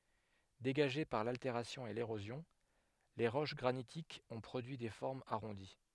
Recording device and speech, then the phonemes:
headset microphone, read sentence
deɡaʒe paʁ lalteʁasjɔ̃ e leʁozjɔ̃l ʁoʃ ɡʁanitikz ɔ̃ pʁodyi de fɔʁmz aʁɔ̃di

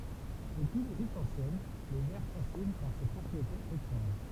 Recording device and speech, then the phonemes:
temple vibration pickup, read sentence
dəpyi leʒipt ɑ̃sjɛn lə vɛʁ fasin paʁ se pʁɔpʁietez etʁɑ̃ʒ

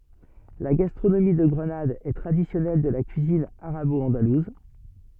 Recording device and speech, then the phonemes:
soft in-ear microphone, read sentence
la ɡastʁonomi də ɡʁənad ɛ tʁadisjɔnɛl də la kyizin aʁabɔɑ̃daluz

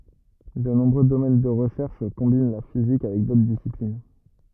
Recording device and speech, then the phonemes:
rigid in-ear microphone, read sentence
də nɔ̃bʁø domɛn də ʁəʃɛʁʃ kɔ̃bin la fizik avɛk dotʁ disiplin

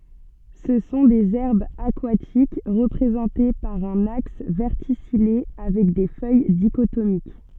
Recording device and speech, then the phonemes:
soft in-ear microphone, read sentence
sə sɔ̃ dez ɛʁbz akwatik ʁəpʁezɑ̃te paʁ œ̃n aks vɛʁtisije avɛk de fœj diʃotomik

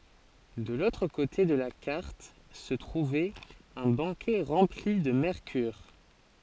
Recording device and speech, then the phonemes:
forehead accelerometer, read sentence
də lotʁ kote də la kaʁt sə tʁuvɛt œ̃ bakɛ ʁɑ̃pli də mɛʁkyʁ

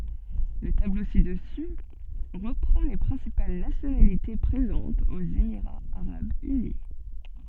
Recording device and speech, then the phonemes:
soft in-ear microphone, read sentence
lə tablo sidəsy ʁəpʁɑ̃ le pʁɛ̃sipal nasjonalite pʁezɑ̃tz oz emiʁaz aʁabz yni

